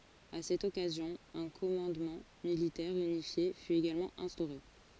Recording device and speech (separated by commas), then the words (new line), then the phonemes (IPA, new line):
forehead accelerometer, read sentence
À cette occasion, un commandement militaire unifié fut également instauré.
a sɛt ɔkazjɔ̃ œ̃ kɔmɑ̃dmɑ̃ militɛʁ ynifje fy eɡalmɑ̃ ɛ̃stoʁe